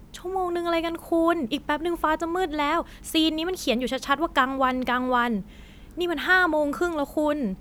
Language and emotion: Thai, frustrated